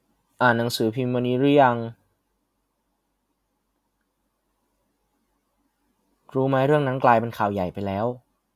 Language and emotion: Thai, neutral